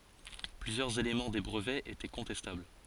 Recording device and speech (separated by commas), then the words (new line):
forehead accelerometer, read sentence
Plusieurs éléments des brevets étaient contestables.